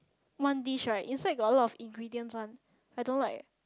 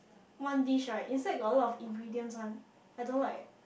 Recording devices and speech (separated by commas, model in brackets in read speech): close-talking microphone, boundary microphone, conversation in the same room